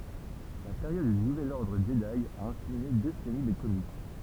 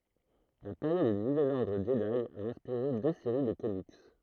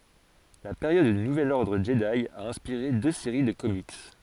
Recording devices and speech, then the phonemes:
temple vibration pickup, throat microphone, forehead accelerometer, read sentence
la peʁjɔd dy nuvɛl ɔʁdʁ ʒədi a ɛ̃spiʁe dø seʁi də komik

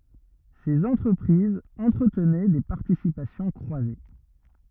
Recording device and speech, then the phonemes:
rigid in-ear microphone, read sentence
sez ɑ̃tʁəpʁizz ɑ̃tʁətnɛ de paʁtisipasjɔ̃ kʁwaze

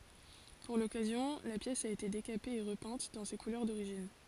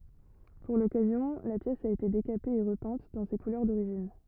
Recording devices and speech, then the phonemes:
forehead accelerometer, rigid in-ear microphone, read sentence
puʁ lɔkazjɔ̃ la pjɛs a ete dekape e ʁəpɛ̃t dɑ̃ se kulœʁ doʁiʒin

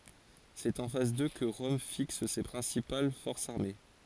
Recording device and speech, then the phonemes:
forehead accelerometer, read sentence
sɛt ɑ̃ fas dø kə ʁɔm fiks se pʁɛ̃sipal fɔʁsz aʁme

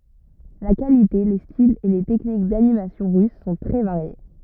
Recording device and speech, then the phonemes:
rigid in-ear microphone, read sentence
la kalite le stilz e le tɛknik danimasjɔ̃ ʁys sɔ̃ tʁɛ vaʁje

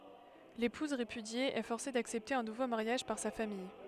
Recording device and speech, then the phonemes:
headset microphone, read sentence
lepuz ʁepydje ɛ fɔʁse daksɛpte œ̃ nuvo maʁjaʒ paʁ sa famij

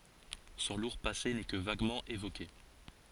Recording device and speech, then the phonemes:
forehead accelerometer, read sentence
sɔ̃ luʁ pase nɛ kə vaɡmɑ̃ evoke

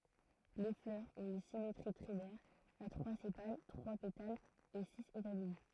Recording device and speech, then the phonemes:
throat microphone, read sentence
le flœʁz ɔ̃t yn simetʁi tʁimɛʁ a tʁwa sepal tʁwa petalz e siz etamin

